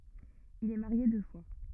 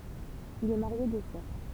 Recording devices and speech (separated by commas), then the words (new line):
rigid in-ear microphone, temple vibration pickup, read sentence
Il est marié deux fois.